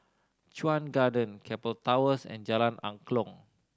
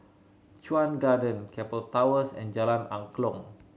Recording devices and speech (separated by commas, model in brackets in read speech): standing microphone (AKG C214), mobile phone (Samsung C7100), read sentence